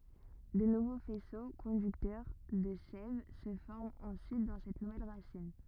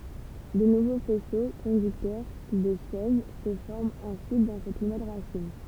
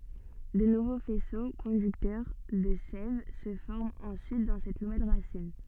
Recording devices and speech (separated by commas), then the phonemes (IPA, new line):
rigid in-ear microphone, temple vibration pickup, soft in-ear microphone, read sentence
də nuvo fɛso kɔ̃dyktœʁ də sɛv sə fɔʁmt ɑ̃syit dɑ̃ sɛt nuvɛl ʁasin